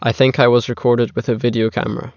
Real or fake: real